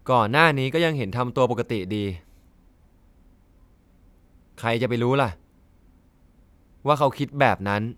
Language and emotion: Thai, frustrated